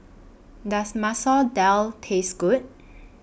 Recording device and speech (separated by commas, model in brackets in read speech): boundary microphone (BM630), read sentence